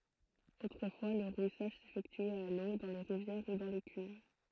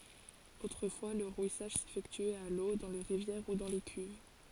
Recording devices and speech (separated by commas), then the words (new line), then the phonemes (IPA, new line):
throat microphone, forehead accelerometer, read sentence
Autrefois, le rouissage s'effectuait à l'eau, dans les rivières ou dans des cuves.
otʁəfwa lə ʁwisaʒ sefɛktyɛt a lo dɑ̃ le ʁivjɛʁ u dɑ̃ de kyv